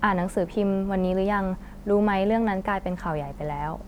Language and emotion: Thai, neutral